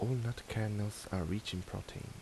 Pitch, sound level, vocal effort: 105 Hz, 76 dB SPL, soft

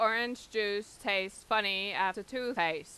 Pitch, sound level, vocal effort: 205 Hz, 94 dB SPL, loud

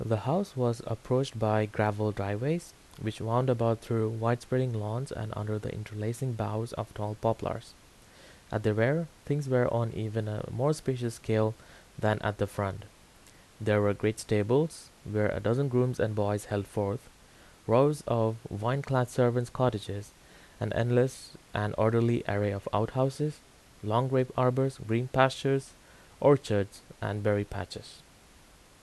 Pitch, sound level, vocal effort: 115 Hz, 80 dB SPL, normal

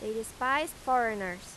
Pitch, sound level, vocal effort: 230 Hz, 91 dB SPL, loud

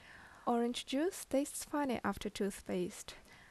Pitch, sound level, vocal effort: 240 Hz, 76 dB SPL, normal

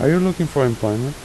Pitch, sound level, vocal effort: 140 Hz, 83 dB SPL, soft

